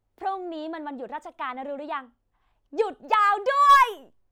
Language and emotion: Thai, happy